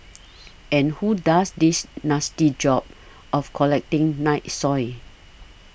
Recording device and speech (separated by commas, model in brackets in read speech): boundary microphone (BM630), read sentence